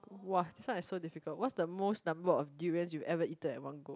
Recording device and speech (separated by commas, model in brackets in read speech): close-talking microphone, conversation in the same room